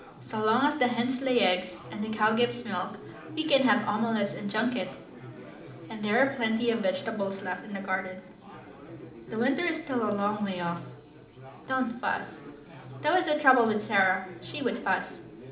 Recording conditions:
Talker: one person; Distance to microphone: 2.0 m; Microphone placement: close; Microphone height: 99 cm; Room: medium-sized (5.7 m by 4.0 m); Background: babble

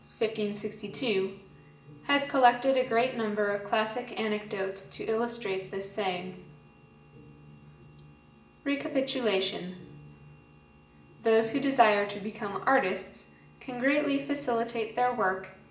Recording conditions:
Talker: one person; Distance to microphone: 1.8 m; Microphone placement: close; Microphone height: 1.0 m; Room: large; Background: music

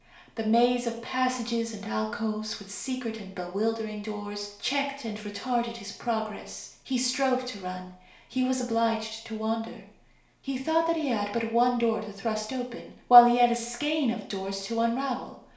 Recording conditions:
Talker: one person; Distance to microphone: 1.0 m; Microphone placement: close; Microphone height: 1.1 m; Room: small (3.7 m by 2.7 m); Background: none

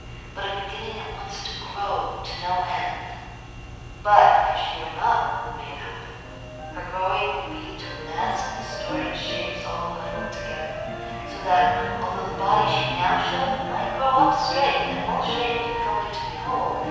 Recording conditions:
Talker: one person; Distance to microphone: 7.1 m; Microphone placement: far; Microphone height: 1.7 m; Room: very reverberant, large; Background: music

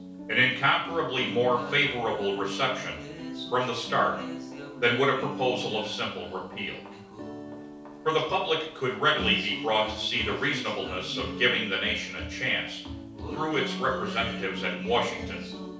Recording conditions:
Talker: one person; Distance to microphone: 3.0 m; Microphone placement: far; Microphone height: 1.8 m; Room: small (3.7 m by 2.7 m); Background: music

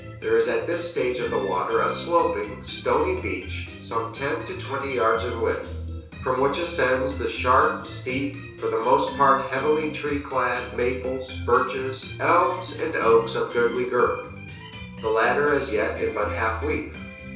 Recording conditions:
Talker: one person; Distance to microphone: 3.0 m; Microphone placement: far; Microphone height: 1.8 m; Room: small (3.7 m by 2.7 m); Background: music

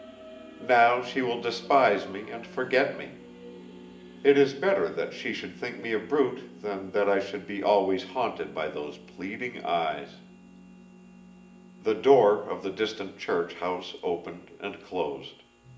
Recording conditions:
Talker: one person; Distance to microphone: 1.8 m; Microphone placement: close; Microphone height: 1.0 m; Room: large; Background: music

